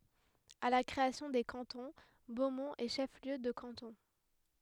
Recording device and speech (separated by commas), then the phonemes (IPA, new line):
headset microphone, read sentence
a la kʁeasjɔ̃ de kɑ̃tɔ̃ bomɔ̃t ɛ ʃɛf ljø də kɑ̃tɔ̃